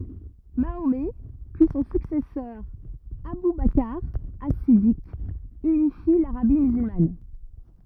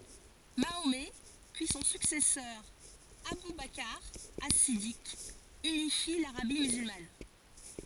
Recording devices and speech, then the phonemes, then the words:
rigid in-ear microphone, forehead accelerometer, read sentence
maomɛ pyi sɔ̃ syksɛsœʁ abu bakʁ as sidik ynifi laʁabi myzylman
Mahomet puis son successeur Abou Bakr As-Siddiq, unifient l'Arabie musulmane.

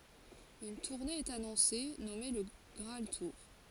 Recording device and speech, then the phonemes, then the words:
forehead accelerometer, read sentence
yn tuʁne ɛt anɔ̃se nɔme lə ɡʁaal tuʁ
Une tournée est annoncée, nommée Le Graal Tour.

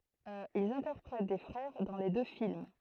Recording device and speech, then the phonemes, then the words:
throat microphone, read sentence
ilz ɛ̃tɛʁpʁɛt de fʁɛʁ dɑ̃ le dø film
Ils interprètent des frères dans les deux films.

